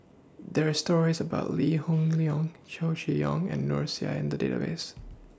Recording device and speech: standing microphone (AKG C214), read sentence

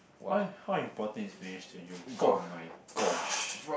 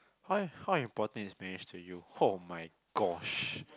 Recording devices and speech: boundary microphone, close-talking microphone, conversation in the same room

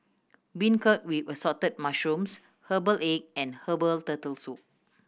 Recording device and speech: boundary microphone (BM630), read sentence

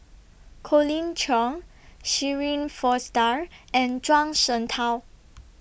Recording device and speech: boundary microphone (BM630), read sentence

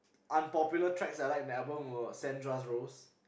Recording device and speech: boundary microphone, conversation in the same room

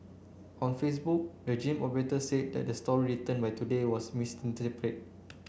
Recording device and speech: boundary microphone (BM630), read sentence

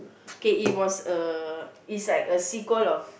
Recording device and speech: boundary microphone, conversation in the same room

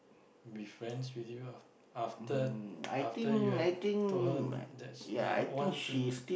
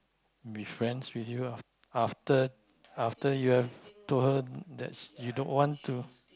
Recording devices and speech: boundary microphone, close-talking microphone, conversation in the same room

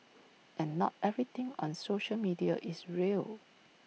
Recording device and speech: mobile phone (iPhone 6), read sentence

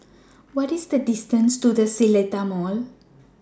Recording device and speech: standing microphone (AKG C214), read sentence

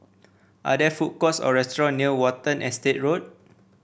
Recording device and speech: boundary microphone (BM630), read sentence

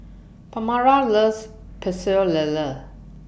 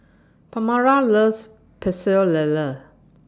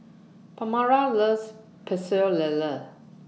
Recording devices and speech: boundary microphone (BM630), standing microphone (AKG C214), mobile phone (iPhone 6), read sentence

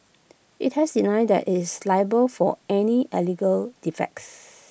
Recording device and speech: boundary microphone (BM630), read sentence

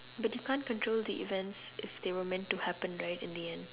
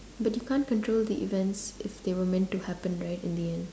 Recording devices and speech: telephone, standing microphone, conversation in separate rooms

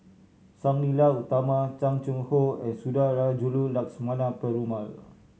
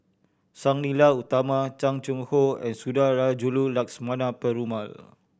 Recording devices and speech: mobile phone (Samsung C7100), boundary microphone (BM630), read sentence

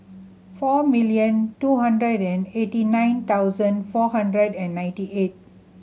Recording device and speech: mobile phone (Samsung C7100), read sentence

